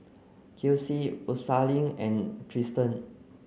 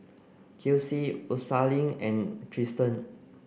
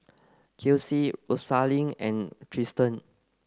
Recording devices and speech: mobile phone (Samsung C9), boundary microphone (BM630), close-talking microphone (WH30), read sentence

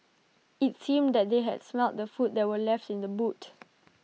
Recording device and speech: mobile phone (iPhone 6), read sentence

